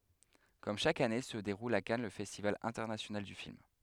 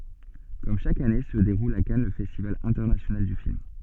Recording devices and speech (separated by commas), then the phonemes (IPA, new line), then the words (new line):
headset microphone, soft in-ear microphone, read sentence
kɔm ʃak ane sə deʁul a kan lə fɛstival ɛ̃tɛʁnasjonal dy film
Comme chaque année se déroule à Cannes le festival international du film.